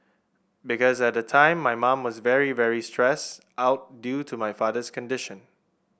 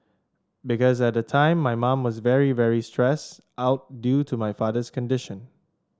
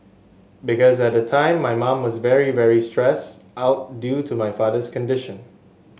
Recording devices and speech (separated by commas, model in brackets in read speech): boundary microphone (BM630), standing microphone (AKG C214), mobile phone (Samsung S8), read sentence